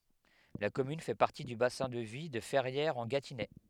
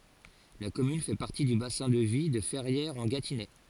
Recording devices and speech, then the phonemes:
headset microphone, forehead accelerometer, read sentence
la kɔmyn fɛ paʁti dy basɛ̃ də vi də fɛʁjɛʁzɑ̃ɡatinɛ

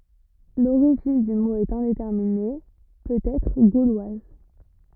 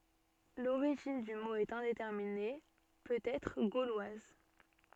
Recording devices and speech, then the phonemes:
rigid in-ear microphone, soft in-ear microphone, read sentence
loʁiʒin dy mo ɛt ɛ̃detɛʁmine pøt ɛtʁ ɡolwaz

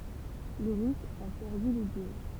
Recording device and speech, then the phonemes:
temple vibration pickup, read sentence
lə ʁys a pɛʁdy lə dyɛl

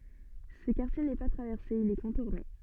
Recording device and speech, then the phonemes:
soft in-ear microphone, read sentence
sə kaʁtje nɛ pa tʁavɛʁse il ɛ kɔ̃tuʁne

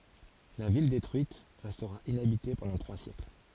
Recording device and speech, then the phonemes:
forehead accelerometer, read sentence
la vil detʁyit ʁɛstʁa inabite pɑ̃dɑ̃ tʁwa sjɛkl

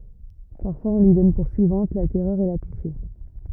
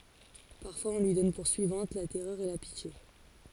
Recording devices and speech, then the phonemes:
rigid in-ear microphone, forehead accelerometer, read sentence
paʁfwaz ɔ̃ lyi dɔn puʁ syivɑ̃t la tɛʁœʁ e la pitje

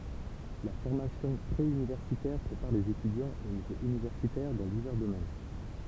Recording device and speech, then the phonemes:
temple vibration pickup, read sentence
la fɔʁmasjɔ̃ pʁe ynivɛʁsitɛʁ pʁepaʁ lez etydjɑ̃z o nivo ynivɛʁsitɛʁ dɑ̃ divɛʁ domɛn

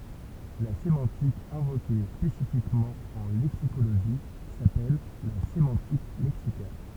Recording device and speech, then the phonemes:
temple vibration pickup, read sentence
la semɑ̃tik ɛ̃voke spesifikmɑ̃ ɑ̃ lɛksikoloʒi sapɛl la semɑ̃tik lɛksikal

